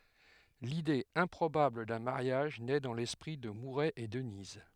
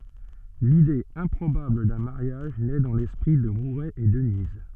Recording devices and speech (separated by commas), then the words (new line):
headset microphone, soft in-ear microphone, read sentence
L'idée improbable d'un mariage naît dans l'esprit de Mouret et Denise.